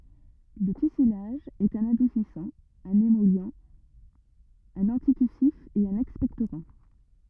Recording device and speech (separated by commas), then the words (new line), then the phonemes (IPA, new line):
rigid in-ear microphone, read sentence
Le tussilage est un adoucissant, un émollient, un anti-tussif et un expectorant.
lə tysilaʒ ɛt œ̃n adusisɑ̃ œ̃n emɔli œ̃n ɑ̃titysif e œ̃n ɛkspɛktoʁɑ̃